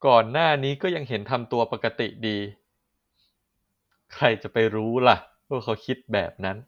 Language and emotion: Thai, frustrated